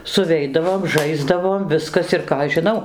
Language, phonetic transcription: Lithuanian, suˈveidavom ˈžaisdavom ˈviskas ir ˈką aš žiˈnau

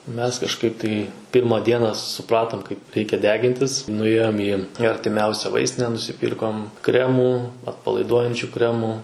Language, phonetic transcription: Lithuanian, ˈmes kažˈkaip tai ˈpirma ˈdiena suˈpratom kaip ˈreikia ˈdegintis nuˈėjom į į artiˈmiausia ˈvaistine nusiˈpyrkom ˈkremų atpalaiˈduojančiu ˈkremų

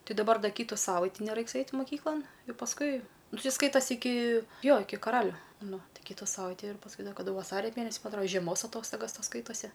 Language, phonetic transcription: Lithuanian, ˈti daˈbar ˈda ˈkytu ˈsavaiti neˈraiks ˈait' muˈkyklan jau pasˈkui ˈnu ˈti ˈskaitas' iˈki ˈjo ˈiki kaˈraliu ˈnu ˈtai ˈkytu ˈsavaiti ir pasˈkui ˈda kaˈdu vaˈsaria ˈmėnesi ˈma atˈro žieˈmos aˈtostogas ˈtos ˈskaitosi

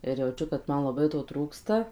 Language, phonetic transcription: Lithuanian, ir jauˈčiu kad ˈman laˈbai to ˈtrūksta

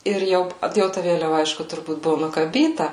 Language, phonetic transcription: Lithuanian, ˈir jau p ˈjau ta ˈvėliava ˈaišku turˈbūt ˈbuvo nukaˈbyta

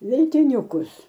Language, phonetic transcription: Lithuanian, veltiˈniukus

